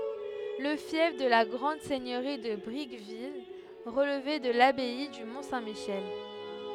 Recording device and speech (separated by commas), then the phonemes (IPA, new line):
headset microphone, read sentence
lə fjɛf də la ɡʁɑ̃d sɛɲøʁi də bʁikvil ʁəlvɛ də labɛi dy mɔ̃ sɛ̃ miʃɛl